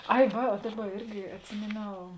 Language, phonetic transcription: Lithuanian, ˈai ˈva o ˈdaˌba ˈirgi atˈsimėˌniau

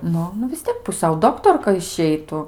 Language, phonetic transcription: Lithuanian, ˈnu nu vis ˈtiek puˈsiau ˈdoktorka išˈeitu

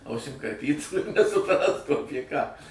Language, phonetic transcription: Lithuanian, ˈausim karˈpytų ir nesuˈprastų ˈapie ką

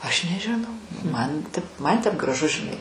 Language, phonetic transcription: Lithuanian, aš nežiˈnau ˈman tip ˈman tep graˈžu žiˈnai

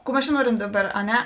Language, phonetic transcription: Lithuanian, ˈkų ˈmes ˈčia ˈnuorem ˈdaˌbar a ˈne

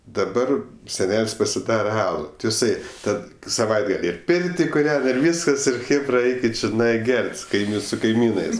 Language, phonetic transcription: Lithuanian, daˈbar seˈnel's' pasiˈdara ˈalu ti jiˈsai ˈtad saˈvaitgal' ir ˈpirti kuˈrian ir ˈvyskas ˈir ˈchėbra ˈaikit čiˈnai ˈgert' su kaiˈmyn su kaiˈmynɜs

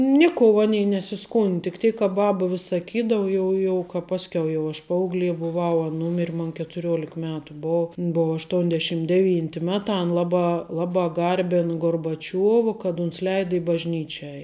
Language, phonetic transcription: Lithuanian, ˈniˌkou ˈanei nesiˈskund tik ˈtėik ka ˈbaba vis saˈkydavu ˈjau jau ka ˈpaskiau jau ˈaš ˈpaaugˌlė buˈvau an ˈnūmir' mon ketuˈriolik ˈmetu ˈbov in ˈbov ašˈtuondešim deˈvynti ˈmeˌtā an ˈlaˌbā ˈlaˌbā ˈgarbin gorbaˈčiuova kad uns ˈleida i bažˈnyčia ˈei

